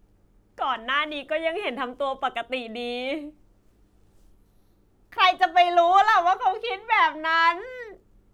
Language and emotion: Thai, happy